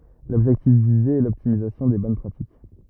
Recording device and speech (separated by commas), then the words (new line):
rigid in-ear microphone, read sentence
L'objectif visé est l'optimisation des bonnes pratiques.